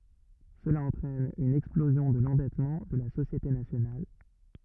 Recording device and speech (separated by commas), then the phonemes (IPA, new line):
rigid in-ear microphone, read sentence
səla ɑ̃tʁɛn yn ɛksplozjɔ̃ də lɑ̃dɛtmɑ̃ də la sosjete nasjonal